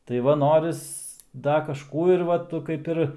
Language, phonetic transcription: Lithuanian, tai ˈva ˈnoris ˈda kažˈkų ir ˈva tu kaip ˈir

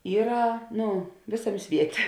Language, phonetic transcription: Lithuanian, ˈyra ˈnu ˈvėsaˌmė ˈsvietė

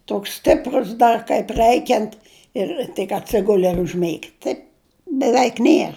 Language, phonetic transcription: Lithuanian, ˈtoks ˈstiprus ˈdar kaip ˈrɜikiant ir tik atˈsiguli ir užˈmėgi ˈtaip beˈveik ˈnier

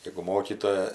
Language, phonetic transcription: Lithuanian, jegu ˈmokytoja

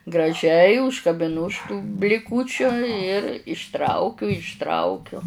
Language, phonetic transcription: Lithuanian, graˈžiai užkabiˈnu už tų bliˈkūčiu ir išˈtraukiu išˈtraukiu

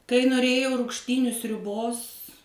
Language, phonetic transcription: Lithuanian, kai noˈrėjau rugšˈtyniu sriuˈbos

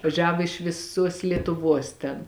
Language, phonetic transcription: Lithuanian, vaˈžiavo iš viˈsuos lietuˈvuos ten

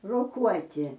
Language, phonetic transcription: Lithuanian, roˈkuoti

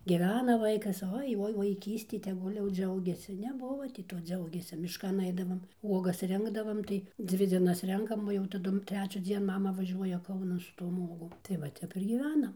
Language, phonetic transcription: Lithuanian, gyˈvena ˈvaikas ˈoi ˈoi vaiˈkysti teˈgul' jau ˈdžiaugiasi neˈbuvo ti ˈto ˈdziaugėsi mišˈkan ˈaidavom ˈuogas ˈrinkdavam tai ˈdzvi ˈdzienas ˈrenkam o jau taˈdum trečiųˈdzien ˈmama vaˈžiuoja ˈkaunan su tom ˈuogom tai ˈva ˈtep ir gyˈvenam

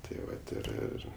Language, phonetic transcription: Lithuanian, tai ˈvat ir ˈir

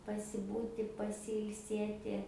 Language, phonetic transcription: Lithuanian, pasiˈbūti pasiilˈsėti

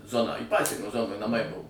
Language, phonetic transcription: Lithuanian, ˈzoną į ˈpasienio ˈzonoj naˈmaiˈbuvo

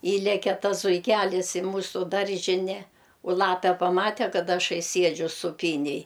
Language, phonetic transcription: Lithuanian, ˈįleke ˈtas zuiˈkælis i ˈmūsu ˈdaržine u ˈlape paˈmate ˈkad ˈašai ˈsiedžiu suˈpynėj

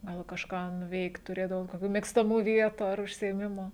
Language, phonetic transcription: Lithuanian, ˈgal kažˈką nuˈveikt tuˈrėdavot koˈkių mėgstaˈmų ˈvietų ar užsiėˈmimu

